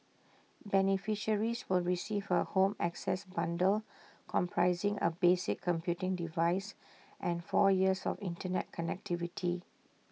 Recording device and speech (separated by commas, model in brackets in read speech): mobile phone (iPhone 6), read sentence